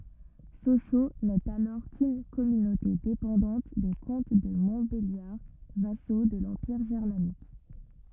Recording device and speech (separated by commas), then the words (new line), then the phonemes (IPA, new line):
rigid in-ear microphone, read sentence
Sochaux n'est alors qu'une communauté dépendante des comtes de Montbéliard vassaux de l'Empire germanique.
soʃo nɛt alɔʁ kyn kɔmynote depɑ̃dɑ̃t de kɔ̃t də mɔ̃tbeljaʁ vaso də lɑ̃piʁ ʒɛʁmanik